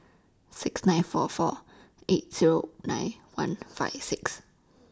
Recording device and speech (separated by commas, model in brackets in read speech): standing microphone (AKG C214), read sentence